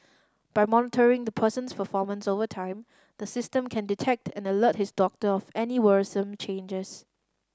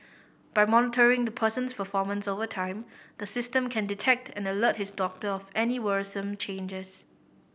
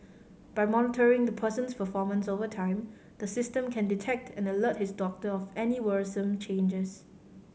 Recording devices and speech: standing microphone (AKG C214), boundary microphone (BM630), mobile phone (Samsung C5010), read sentence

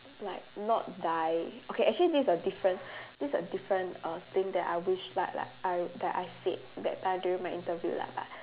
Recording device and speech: telephone, conversation in separate rooms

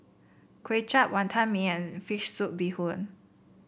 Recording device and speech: boundary microphone (BM630), read sentence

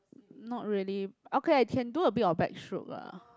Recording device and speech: close-talking microphone, conversation in the same room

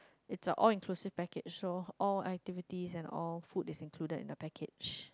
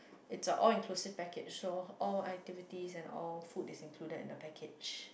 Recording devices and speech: close-talking microphone, boundary microphone, conversation in the same room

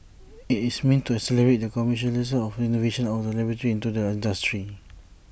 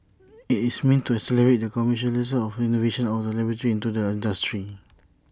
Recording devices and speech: boundary microphone (BM630), standing microphone (AKG C214), read sentence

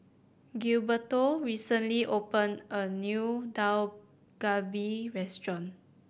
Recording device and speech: boundary microphone (BM630), read sentence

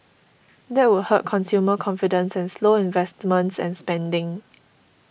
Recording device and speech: boundary microphone (BM630), read sentence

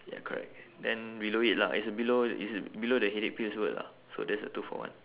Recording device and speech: telephone, conversation in separate rooms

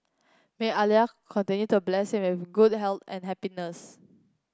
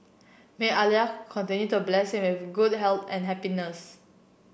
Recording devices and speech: close-talking microphone (WH30), boundary microphone (BM630), read sentence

